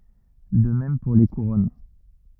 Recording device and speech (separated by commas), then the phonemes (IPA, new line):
rigid in-ear microphone, read sentence
də mɛm puʁ le kuʁɔn